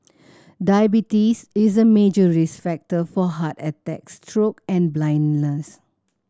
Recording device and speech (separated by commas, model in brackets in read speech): standing microphone (AKG C214), read sentence